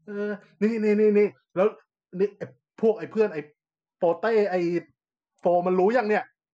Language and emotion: Thai, happy